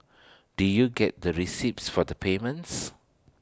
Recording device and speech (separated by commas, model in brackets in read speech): standing microphone (AKG C214), read sentence